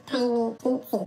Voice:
very high pitched